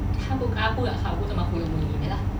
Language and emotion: Thai, frustrated